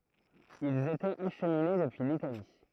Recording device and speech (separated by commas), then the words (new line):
throat microphone, read sentence
Ils étaient acheminés depuis l'Italie.